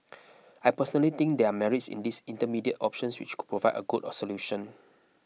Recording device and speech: mobile phone (iPhone 6), read sentence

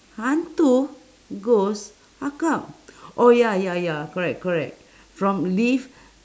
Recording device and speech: standing microphone, conversation in separate rooms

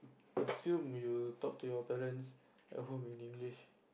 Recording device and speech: boundary microphone, conversation in the same room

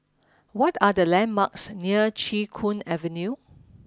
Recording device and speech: standing microphone (AKG C214), read sentence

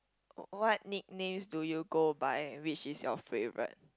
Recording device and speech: close-talking microphone, conversation in the same room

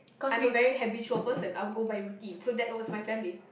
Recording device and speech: boundary microphone, conversation in the same room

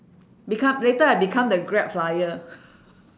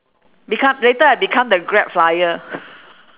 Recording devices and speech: standing microphone, telephone, conversation in separate rooms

